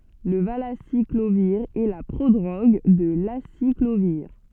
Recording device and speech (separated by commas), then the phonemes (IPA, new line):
soft in-ear microphone, read sentence
lə valasikloviʁ ɛ la pʁodʁoɡ də lasikloviʁ